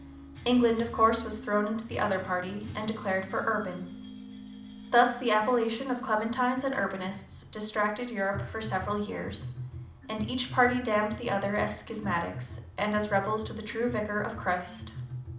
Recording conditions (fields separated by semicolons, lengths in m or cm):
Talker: one person; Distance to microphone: 2.0 m; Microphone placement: close; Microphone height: 99 cm; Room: medium-sized (5.7 m by 4.0 m); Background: music